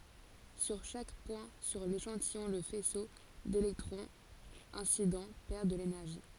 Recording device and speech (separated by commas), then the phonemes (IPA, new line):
forehead accelerometer, read sentence
syʁ ʃak pwɛ̃ syʁ leʃɑ̃tijɔ̃ lə fɛso delɛktʁɔ̃z ɛ̃sidɑ̃ pɛʁ də lenɛʁʒi